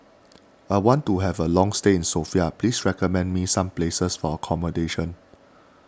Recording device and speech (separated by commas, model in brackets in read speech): standing microphone (AKG C214), read sentence